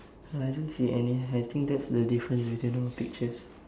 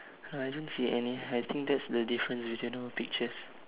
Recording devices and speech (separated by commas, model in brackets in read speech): standing microphone, telephone, conversation in separate rooms